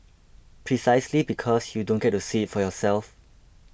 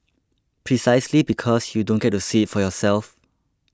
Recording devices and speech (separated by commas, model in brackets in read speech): boundary microphone (BM630), close-talking microphone (WH20), read sentence